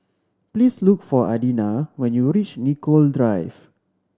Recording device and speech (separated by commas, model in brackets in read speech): standing microphone (AKG C214), read sentence